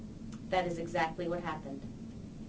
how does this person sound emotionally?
neutral